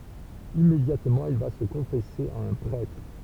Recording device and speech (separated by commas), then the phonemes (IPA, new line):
temple vibration pickup, read sentence
immedjatmɑ̃ il va sə kɔ̃fɛse a œ̃ pʁɛtʁ